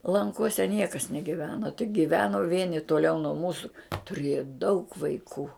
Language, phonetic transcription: Lithuanian, lanˈkuose ˈniekas negiˈveno tik giˈveno ˈvieni tuoˈliau nuo ˈmūsu tuˈrieja daug vaiˈkų

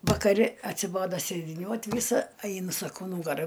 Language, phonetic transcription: Lithuanian, vakaˈri atsiˈbodo sėdiˈniuot ˈvysa ˈainu ˈsako ˈnūgara

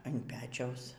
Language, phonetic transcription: Lithuanian, an ˈpečiaus

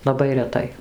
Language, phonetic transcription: Lithuanian, laˈbai reˈtai

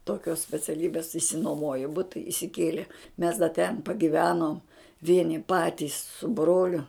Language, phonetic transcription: Lithuanian, toˈkios speciaˈlybės išsinuoˈmojo ˈbuta isiˈkiele mes da ˈten pagiˈvenom ˈvieni ˈpatys su ˈbroliu

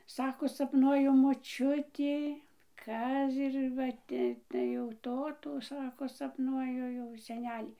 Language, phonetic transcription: Lithuanian, ˈsako sapˈnuoju moˈčiuti ˈkaz ir ˈva ˈti tai jau ˈtotų ˈsako sapˈnuoju jau seˈnelį

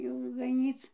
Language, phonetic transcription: Lithuanian, jau gaˈnyc

